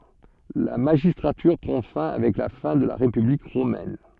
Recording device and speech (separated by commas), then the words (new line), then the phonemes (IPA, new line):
soft in-ear microphone, read sentence
La magistrature prend fin avec la fin de la République romaine.
la maʒistʁatyʁ pʁɑ̃ fɛ̃ avɛk la fɛ̃ də la ʁepyblik ʁomɛn